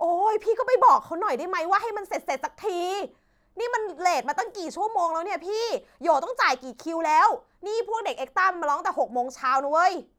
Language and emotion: Thai, angry